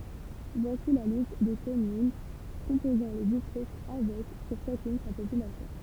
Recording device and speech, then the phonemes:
temple vibration pickup, read sentence
vwasi la list de kɔmyn kɔ̃pozɑ̃ lə distʁikt avɛk puʁ ʃakyn sa popylasjɔ̃

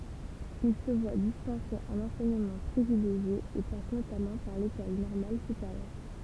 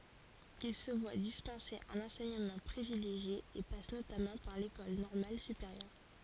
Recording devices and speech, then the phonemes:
temple vibration pickup, forehead accelerometer, read sentence
il sə vwa dispɑ̃se œ̃n ɑ̃sɛɲəmɑ̃ pʁivileʒje e pas notamɑ̃ paʁ lekɔl nɔʁmal sypeʁjœʁ

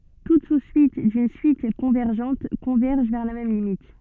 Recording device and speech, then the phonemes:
soft in-ear microphone, read sentence
tut su syit dyn syit kɔ̃vɛʁʒɑ̃t kɔ̃vɛʁʒ vɛʁ la mɛm limit

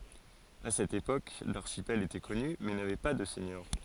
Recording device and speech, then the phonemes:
forehead accelerometer, read sentence
a sɛt epok laʁʃipɛl etɛ kɔny mɛ navɛ pa də sɛɲœʁ

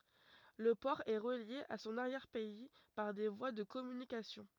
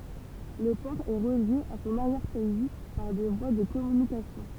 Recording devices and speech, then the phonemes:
rigid in-ear microphone, temple vibration pickup, read sentence
lə pɔʁ ɛ ʁəlje a sɔ̃n aʁjɛʁ pɛi paʁ de vwa də kɔmynikasjɔ̃

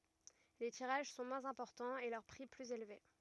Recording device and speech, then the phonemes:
rigid in-ear microphone, read sentence
le tiʁaʒ sɔ̃ mwɛ̃z ɛ̃pɔʁtɑ̃z e lœʁ pʁi plyz elve

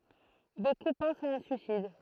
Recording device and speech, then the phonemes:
throat microphone, read sentence
boku pɑ̃st a œ̃ syisid

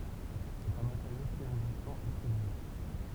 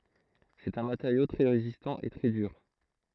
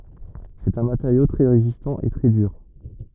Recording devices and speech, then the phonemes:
temple vibration pickup, throat microphone, rigid in-ear microphone, read sentence
sɛt œ̃ mateʁjo tʁɛ ʁezistɑ̃ e tʁɛ dyʁ

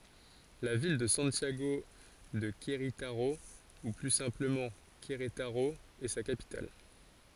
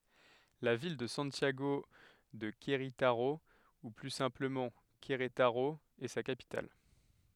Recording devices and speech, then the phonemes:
forehead accelerometer, headset microphone, read sentence
la vil də sɑ̃tjaɡo də kʁetaʁo u ply sɛ̃pləmɑ̃ kʁetaʁo ɛ sa kapital

